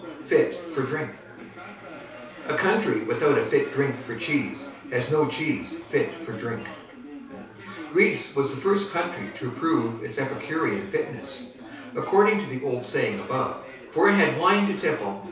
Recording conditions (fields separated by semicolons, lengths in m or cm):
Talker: one person; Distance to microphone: 3.0 m; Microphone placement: far; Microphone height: 1.8 m; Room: small (3.7 m by 2.7 m); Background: babble